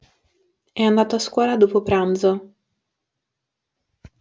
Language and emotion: Italian, neutral